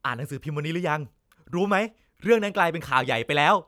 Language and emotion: Thai, happy